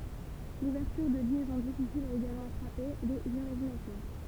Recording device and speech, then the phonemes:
temple vibration pickup, read sentence
luvɛʁtyʁ də ljɛzɔ̃ difisilz a eɡalmɑ̃ fʁape lez imaʒinasjɔ̃

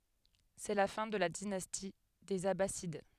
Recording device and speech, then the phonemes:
headset microphone, read sentence
sɛ la fɛ̃ də la dinasti dez abasid

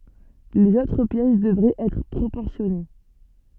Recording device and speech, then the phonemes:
soft in-ear microphone, read sentence
lez otʁ pjɛs dəvʁɛt ɛtʁ pʁopɔʁsjɔne

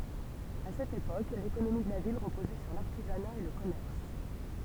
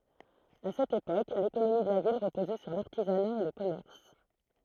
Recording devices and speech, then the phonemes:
temple vibration pickup, throat microphone, read sentence
a sɛt epok lekonomi də la vil ʁəpozɛ syʁ laʁtizana e lə kɔmɛʁs

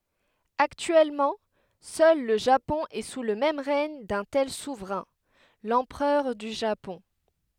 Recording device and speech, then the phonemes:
headset microphone, read sentence
aktyɛlmɑ̃ sœl lə ʒapɔ̃ ɛ su lə ʁɛɲ dœ̃ tɛl suvʁɛ̃ lɑ̃pʁœʁ dy ʒapɔ̃

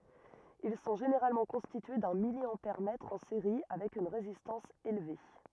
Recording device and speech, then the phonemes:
rigid in-ear microphone, read sentence
il sɔ̃ ʒeneʁalmɑ̃ kɔ̃stitye dœ̃ miljɑ̃pɛʁmɛtʁ ɑ̃ seʁi avɛk yn ʁezistɑ̃s elve

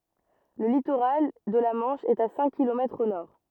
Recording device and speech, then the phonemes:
rigid in-ear microphone, read sentence
lə litoʁal də la mɑ̃ʃ ɛt a sɛ̃k kilomɛtʁz o nɔʁ

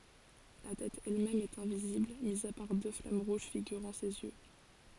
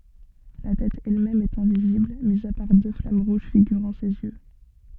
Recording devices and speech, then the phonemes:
forehead accelerometer, soft in-ear microphone, read sentence
la tɛt ɛlmɛm ɛt ɛ̃vizibl mi a paʁ dø flam ʁuʒ fiɡyʁɑ̃ sez jø

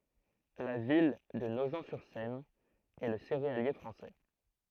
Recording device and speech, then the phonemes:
throat microphone, read sentence
la vil də noʒ syʁ sɛn ɛ lə seʁealje fʁɑ̃sɛ

